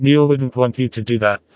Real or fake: fake